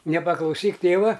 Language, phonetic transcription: Lithuanian, nepaklauˈsyk ˈtėva

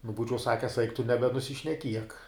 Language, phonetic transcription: Lithuanian, nu ˈbūčiau ˈsakes eik tu nebenusišneˈkiek

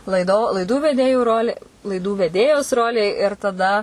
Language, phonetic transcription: Lithuanian, laiˈdo laiˈdų veˈdėju ˈroli laiˈdų veˈdėjos ˈrolė ir taˈda

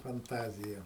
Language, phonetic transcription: Lithuanian, fanˈtazija

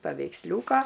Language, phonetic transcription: Lithuanian, paveiksˈliūka

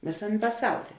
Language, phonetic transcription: Lithuanian, ˈvėsam' paˈsauly

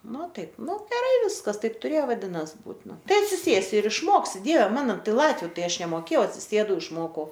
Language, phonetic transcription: Lithuanian, ˈnu ˈtaip ˈnu geˈrai ˈviskas ˈtaip tuˈrėjo vaˈdinas ˈbūt ˈnu ˈtai atsiˈsėsi ir išˈmoksi ˈdieve ˈmano ˈtai ˈlatviu ˈtai ˈaš nemoˈkėjau atsiˈsėdau išˈmokau

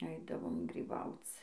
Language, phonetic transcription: Lithuanian, ˈaidavom gryˈbauc

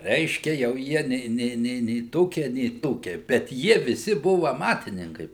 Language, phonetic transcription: Lithuanian, ˈreiškia jau ˈjie nei ˈnei nei nei ˈtokie nei ˈtokie bet ˈjie viˈsi ˈbuvu aˈmatininkai

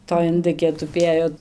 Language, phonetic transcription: Lithuanian, toj inˈdɨkė tuˈpėjo

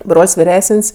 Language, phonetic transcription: Lithuanian, ˈbrol's' viˈresən's'

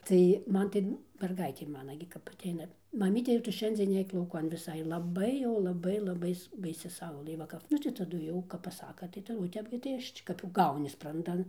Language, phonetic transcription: Lithuanian, tai ˈman tai merˈgaitė ˈmana gi kap aˈteina maˈmyte jau ˈtu ˈšiandzien ˈneik lauˈkan viˈsai laˈbai jau laˈbai laˈbai baiˈsi ˈsaulɘ ˈva kap ˈnu tai taˈdu jau kap paˈsaka tai ˈta o ˈtep gi tai ˈaš čik kap jau ˈgauni spranˈdan

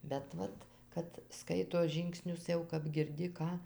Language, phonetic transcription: Lithuanian, bet ˈvat ˈkad ˈskaito ˈžyngsnius jau kap girˈdi ˈką

